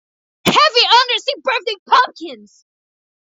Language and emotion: English, disgusted